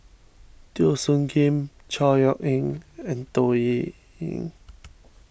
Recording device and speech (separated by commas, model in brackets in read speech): boundary microphone (BM630), read sentence